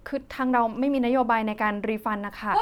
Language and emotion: Thai, neutral